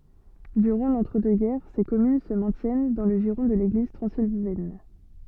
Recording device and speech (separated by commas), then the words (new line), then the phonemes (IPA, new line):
soft in-ear microphone, read sentence
Durant l'entre-deux-guerres, ces communes se maintiennent dans le giron de l'Église transylvaine.
dyʁɑ̃ lɑ̃tʁədøksɡɛʁ se kɔmyn sə mɛ̃tjɛn dɑ̃ lə ʒiʁɔ̃ də leɡliz tʁɑ̃zilvɛn